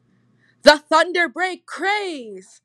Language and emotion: English, happy